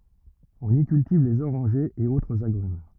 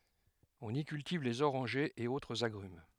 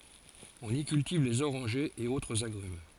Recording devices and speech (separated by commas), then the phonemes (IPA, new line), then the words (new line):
rigid in-ear microphone, headset microphone, forehead accelerometer, read sentence
ɔ̃n i kyltiv lez oʁɑ̃ʒez e otʁz aɡʁym
On y cultive les orangers et autres agrumes.